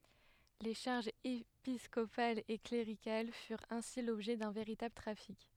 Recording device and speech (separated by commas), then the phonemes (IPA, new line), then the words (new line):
headset microphone, read sentence
le ʃaʁʒz episkopalz e kleʁikal fyʁt ɛ̃si lɔbʒɛ dœ̃ veʁitabl tʁafik
Les charges épiscopales et cléricales furent ainsi l’objet d’un véritable trafic.